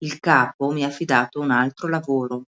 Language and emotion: Italian, neutral